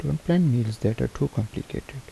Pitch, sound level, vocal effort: 135 Hz, 74 dB SPL, soft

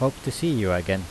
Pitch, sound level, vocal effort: 115 Hz, 85 dB SPL, normal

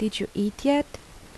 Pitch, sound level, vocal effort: 215 Hz, 79 dB SPL, soft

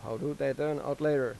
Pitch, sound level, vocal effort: 145 Hz, 91 dB SPL, normal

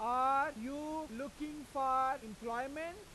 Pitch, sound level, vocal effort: 275 Hz, 101 dB SPL, very loud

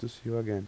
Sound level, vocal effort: 81 dB SPL, soft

